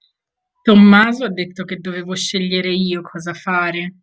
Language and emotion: Italian, angry